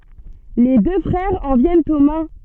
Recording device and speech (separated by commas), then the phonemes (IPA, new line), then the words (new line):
soft in-ear microphone, read sentence
le dø fʁɛʁz ɑ̃ vjɛnt o mɛ̃
Les deux frères en viennent aux mains.